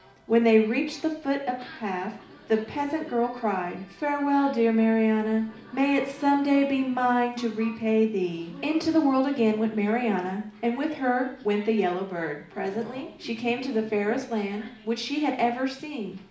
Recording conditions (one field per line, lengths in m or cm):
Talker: one person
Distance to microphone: 2.0 m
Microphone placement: close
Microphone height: 99 cm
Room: medium-sized (5.7 m by 4.0 m)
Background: television